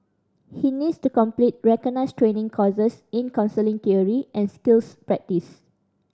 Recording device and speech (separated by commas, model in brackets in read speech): standing microphone (AKG C214), read sentence